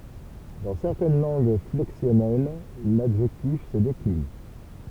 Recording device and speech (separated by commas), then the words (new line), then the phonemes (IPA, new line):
temple vibration pickup, read sentence
Dans certaines langues flexionnelles, l'adjectif se décline.
dɑ̃ sɛʁtɛn lɑ̃ɡ flɛksjɔnɛl ladʒɛktif sə deklin